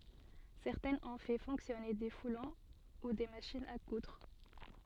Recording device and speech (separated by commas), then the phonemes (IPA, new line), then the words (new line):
soft in-ear microphone, read sentence
sɛʁtɛ̃z ɔ̃ fɛ fɔ̃ksjɔne de fulɔ̃ u de maʃinz a kudʁ
Certains ont fait fonctionner des foulons ou des machines à coudre.